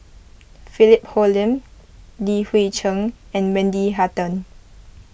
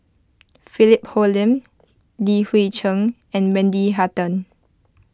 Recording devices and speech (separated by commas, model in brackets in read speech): boundary microphone (BM630), close-talking microphone (WH20), read sentence